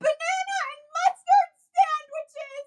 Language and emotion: English, happy